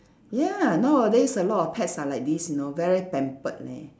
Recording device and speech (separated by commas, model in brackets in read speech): standing microphone, conversation in separate rooms